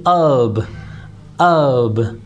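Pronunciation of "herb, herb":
'Herb' is said the American way, with the h not pronounced, so the word starts with a vowel sound.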